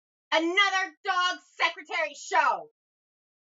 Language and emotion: English, disgusted